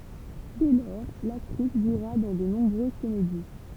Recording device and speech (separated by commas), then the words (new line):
temple vibration pickup, read sentence
Dès lors, l'actrice jouera dans de nombreuses comédies.